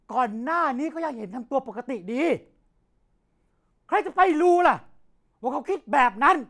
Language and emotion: Thai, angry